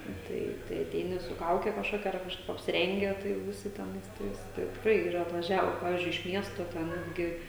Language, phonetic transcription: Lithuanian, ˈtai tai aˈteini su ˈkauke kažˈkokia ar kažˈkaip apsiˈrenge ˈtai jau viˈsi teˈnais ˈtais tai tikˈrai yˈra atvaˈžiavo ˈpavizdžiui iš ˈmiesto te ˈnetgi

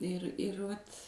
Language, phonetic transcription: Lithuanian, ir ir ˈvat

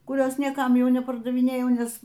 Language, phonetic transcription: Lithuanian, kuˈrios nieˈkam ˈjau nepardaviˈnėjau ˈnes

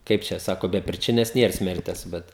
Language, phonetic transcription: Lithuanian, ˈkaip čia ˈsako be priˈčinias ˈnier ˈsmertes ˈbet

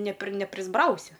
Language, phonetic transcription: Lithuanian, ne pri neprisˈbrausi

